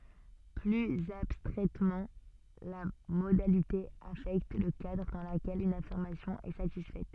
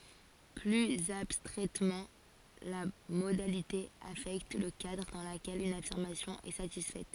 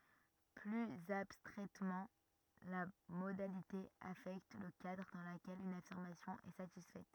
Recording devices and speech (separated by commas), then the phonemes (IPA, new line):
soft in-ear microphone, forehead accelerometer, rigid in-ear microphone, read sentence
plyz abstʁɛtmɑ̃ la modalite afɛkt lə kadʁ dɑ̃ ləkɛl yn afiʁmasjɔ̃ ɛ satisfɛt